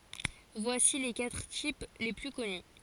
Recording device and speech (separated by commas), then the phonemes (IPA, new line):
forehead accelerometer, read sentence
vwasi le katʁ tip le ply kɔny